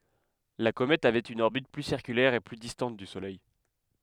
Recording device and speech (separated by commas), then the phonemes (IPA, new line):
headset microphone, read sentence
la komɛt avɛt yn ɔʁbit ply siʁkylɛʁ e ply distɑ̃t dy solɛj